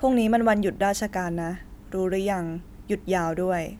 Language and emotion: Thai, neutral